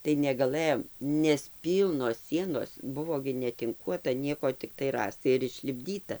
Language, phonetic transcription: Lithuanian, tai negaˈlɘjom nes ˈpylnos ˈsienos ˈbuvo gi netinˈkuota ˈnieko ˈtiktai ˈrąstai ir išlipˈdyta

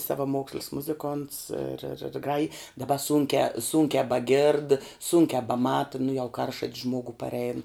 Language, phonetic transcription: Lithuanian, savaˈmokslis ˈmuziˌkonts ir ir ir ˈgraji daˈba ˈsūnkiā ˈsūnkiā baˈgėrd ˈsūnkiā baˈmata nu jau ˈkaršat's ˈžmogu parˈein

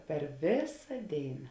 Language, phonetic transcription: Lithuanian, per ˈvėsa ˈdėina

